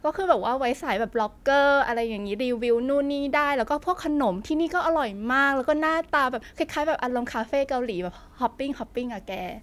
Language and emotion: Thai, happy